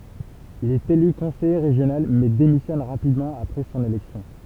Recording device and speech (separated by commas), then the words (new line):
temple vibration pickup, read sentence
Il est élu conseiller régional mais démissionne rapidement après son élection.